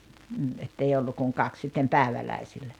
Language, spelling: Finnish, mm että ei ollut kuin kaksi sitten päiväläisillä
- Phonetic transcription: m̥m̥ , 'ettei 'ollu kuŋ 'kaks sittem "pä̀eväläisillä .

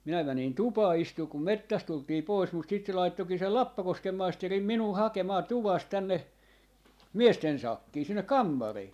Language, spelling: Finnish, minä menin tupaan istumaan kun metsästä tultiin pois mutta sitten se laittoikin sen Lappakosken maisteri minua hakemaan tuvasta tänne miesten sakkiin sinne kammariin
- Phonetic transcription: 'minä 'mänin "tupaa 'istuu kum "mettäst tultii 'pois mut sit se 'laittokii sel "Lappakoskem 'maisterim "minuu "hakemaa 'tuvàst 'tänne , "miesten 'sakkii , 'sinnek "kammarii .

